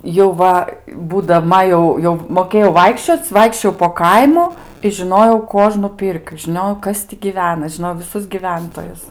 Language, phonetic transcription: Lithuanian, jau ˈva būdaˈma jau jau moˈkėjau ˈvaikščioc' ˈvaikščiojau po ˈkaimu i žiˈnojau ˈkuožnu ˈpirkiu žiˈniojau ˈkas ti giˈvena žiˈnojau viˈsus giˈventojus

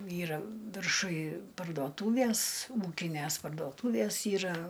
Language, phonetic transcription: Lithuanian, ˈyra virˈšuj pardoˈtūvies ˈūkinæs pardoˈtūvies ˈyra

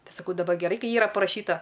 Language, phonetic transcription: Lithuanian, ˈtai saˈkau daˈbar geˈrai ˈkai ˈyra paraˈšyta

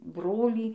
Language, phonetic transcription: Lithuanian, ˈbrolį

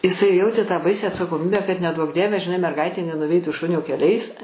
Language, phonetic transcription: Lithuanian, iˈsai ˈjautė tą ˈbaisią atsakoˈmybę kad neˈduok ˈdieve žiˈnai merˈgaitė nenuˈveitų ˈšunio kelˈiais

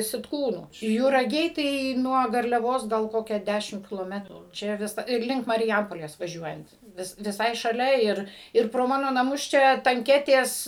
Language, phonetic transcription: Lithuanian, sitˈkūnų juraˈgiai tai nuo garliaˈvos gal ˈkokia ˈdešim kiloˈmetru ˈčia ˈvisa ir ˈlink marˈjampolės vaˈžiuojant ˈvis viˈsai šaˈlia ˈir ˈir pro ˈmano naˈmus ˈčia tanˈketės

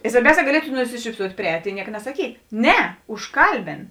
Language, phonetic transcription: Lithuanian, i svarˈbiauˌsē gaˈlietu nusišypˈsuot' priˈēt' i ˈnieka nasaˈkyt ˈne užˈkalbin

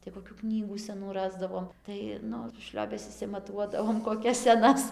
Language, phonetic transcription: Lithuanian, tai koˈkių ˈknygų seˈnų ˈrasdavom ˈtai ˈnu ˈšliobes išsimaˈtuodavom koˈkias seˈnas

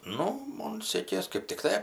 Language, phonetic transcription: Lithuanian, ˈnu ˈmon ˈsėkės kɜp tikˈtai

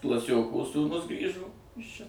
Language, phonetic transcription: Lithuanian, klaˈsioko sūˈnus ˈgrįžo ˈis ˈčia

